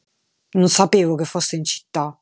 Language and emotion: Italian, angry